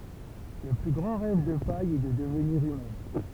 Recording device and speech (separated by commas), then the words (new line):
temple vibration pickup, read sentence
Le plus grand rêve de Paï est de devenir humaine.